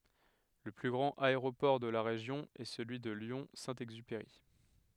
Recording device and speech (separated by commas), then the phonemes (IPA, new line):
headset microphone, read sentence
lə ply ɡʁɑ̃t aeʁopɔʁ də la ʁeʒjɔ̃ ɛ səlyi də ljɔ̃ sɛ̃ ɛɡzypeʁi